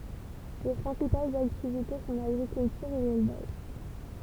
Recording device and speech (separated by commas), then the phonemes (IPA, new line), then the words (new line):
temple vibration pickup, read sentence
le pʁɛ̃sipalz aktivite sɔ̃ laɡʁikyltyʁ e lelvaʒ
Les principales activités sont l'agriculture et l'élevage.